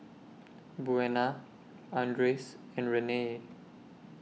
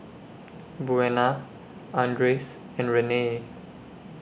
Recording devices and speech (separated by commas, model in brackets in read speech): mobile phone (iPhone 6), boundary microphone (BM630), read sentence